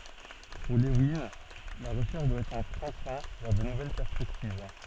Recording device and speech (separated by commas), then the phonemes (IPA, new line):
soft in-ear microphone, read sentence
puʁ levin la ʁəʃɛʁʃ dwa ɛtʁ œ̃ tʁɑ̃plɛ̃ vɛʁ də nuvɛl pɛʁspɛktiv